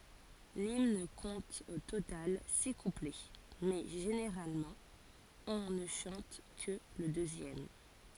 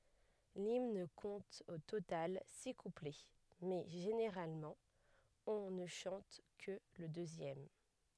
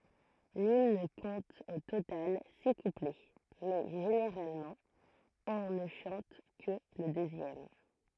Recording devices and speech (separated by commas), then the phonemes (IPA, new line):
forehead accelerometer, headset microphone, throat microphone, read sentence
limn kɔ̃t o total si kuplɛ mɛ ʒeneʁalmɑ̃ ɔ̃ nə ʃɑ̃t kə lə døzjɛm